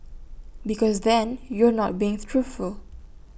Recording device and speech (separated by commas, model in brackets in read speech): boundary microphone (BM630), read sentence